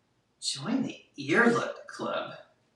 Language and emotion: English, disgusted